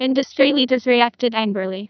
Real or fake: fake